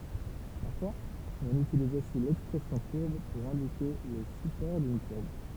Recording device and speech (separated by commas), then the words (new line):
temple vibration pickup, read sentence
Parfois, on utilise aussi l'expression courbe pour indiquer le support d'une courbe.